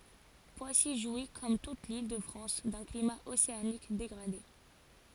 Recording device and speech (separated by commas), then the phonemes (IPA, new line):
forehead accelerometer, read sentence
pwasi ʒwi kɔm tut lildəfʁɑ̃s dœ̃ klima oseanik deɡʁade